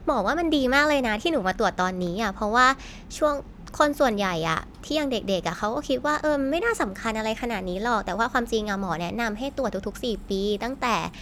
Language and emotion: Thai, neutral